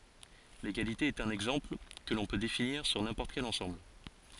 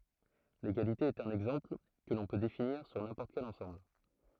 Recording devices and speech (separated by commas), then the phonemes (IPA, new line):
forehead accelerometer, throat microphone, read sentence
leɡalite ɛt œ̃n ɛɡzɑ̃pl kə lɔ̃ pø definiʁ syʁ nɛ̃pɔʁt kɛl ɑ̃sɑ̃bl